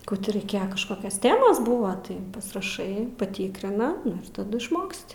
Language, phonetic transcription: Lithuanian, ˈkų ti raiˈkėja kažˈkokias ˈtemas ˈbuva ˈtai pasiraˈšai paˈtykrina ˈnu ir taˈdu išˈmoksti

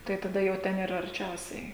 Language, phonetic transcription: Lithuanian, tai taˈda jau ˈten ˈyra arˈčiausiai

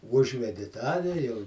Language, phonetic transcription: Lithuanian, ˈužvedi ˈtą ve jau

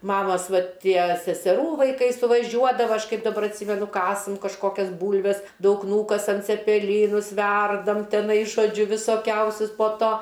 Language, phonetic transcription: Lithuanian, ˈmamas ˈvat ˈtie seseˈrų vaiˈkai suvaˈžiuodava ˈaš ˈkaip daˈbar atˈsymenu ˈkasam kažˈkokias ˈbūlves ˈdaug ˈnūkasam cepeˈlynus ˈverdam teˈnai žoˈdžiu visoˈkiausius po ˈto

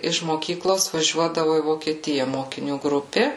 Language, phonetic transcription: Lithuanian, iš moˈkyklos vaˈžiuodavu į vokieˈtija mokiˈnių ˈgrupė

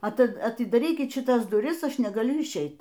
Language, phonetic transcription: Lithuanian, aˈti atidaˈrykit šiˈtas duˈris ˈaš negaˈliu išˈeit

